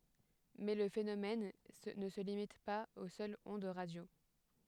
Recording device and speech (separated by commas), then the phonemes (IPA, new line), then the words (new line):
headset microphone, read sentence
mɛ lə fenomɛn nə sə limit paz o sœlz ɔ̃d ʁadjo
Mais le phénomène ne se limite pas aux seules ondes radio.